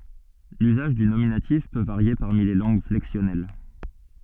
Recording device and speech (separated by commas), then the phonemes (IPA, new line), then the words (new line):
soft in-ear microphone, read sentence
lyzaʒ dy nominatif pø vaʁje paʁmi le lɑ̃ɡ flɛksjɔnɛl
L'usage du nominatif peut varier parmi les langues flexionnelles.